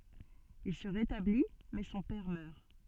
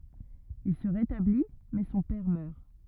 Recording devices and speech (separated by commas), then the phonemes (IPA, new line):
soft in-ear microphone, rigid in-ear microphone, read sentence
il sə ʁetabli mɛ sɔ̃ pɛʁ mœʁ